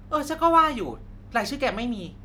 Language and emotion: Thai, frustrated